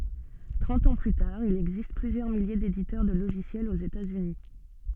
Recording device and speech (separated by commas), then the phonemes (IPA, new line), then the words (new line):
soft in-ear microphone, read sentence
tʁɑ̃t ɑ̃ ply taʁ il ɛɡzist plyzjœʁ milje deditœʁ də loʒisjɛlz oz etaz yni
Trente ans plus tard il existe plusieurs milliers d'éditeurs de logiciels aux États-Unis.